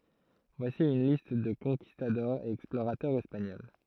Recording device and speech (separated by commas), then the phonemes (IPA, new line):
throat microphone, read sentence
vwasi yn list də kɔ̃kistadɔʁz e ɛksploʁatœʁz ɛspaɲɔl